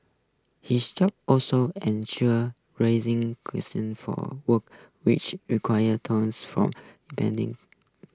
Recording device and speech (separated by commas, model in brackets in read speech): close-talking microphone (WH20), read sentence